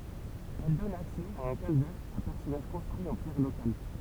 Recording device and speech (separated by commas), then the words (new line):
temple vibration pickup, read sentence
Elle donne accès à un calvaire à personnages construit en pierres locales.